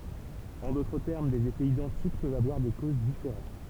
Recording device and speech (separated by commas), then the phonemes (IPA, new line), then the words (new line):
temple vibration pickup, read sentence
ɑ̃ dotʁ tɛʁm dez efɛz idɑ̃tik pøvt avwaʁ de koz difeʁɑ̃t
En d'autres termes, des effets identiques peuvent avoir des causes différentes.